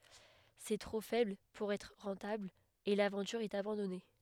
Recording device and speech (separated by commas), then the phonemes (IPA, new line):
headset microphone, read sentence
sɛ tʁo fɛbl puʁ ɛtʁ ʁɑ̃tabl e lavɑ̃tyʁ ɛt abɑ̃dɔne